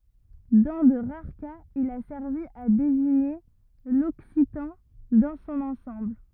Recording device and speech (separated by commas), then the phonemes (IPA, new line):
rigid in-ear microphone, read sentence
dɑ̃ də ʁaʁ kaz il a sɛʁvi a deziɲe lɔksitɑ̃ dɑ̃ sɔ̃n ɑ̃sɑ̃bl